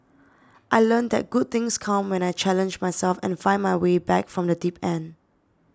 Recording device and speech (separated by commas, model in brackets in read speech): standing microphone (AKG C214), read sentence